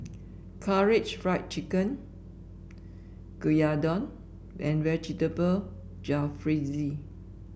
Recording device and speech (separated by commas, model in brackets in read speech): boundary microphone (BM630), read sentence